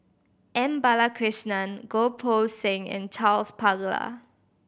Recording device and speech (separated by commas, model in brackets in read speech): boundary microphone (BM630), read sentence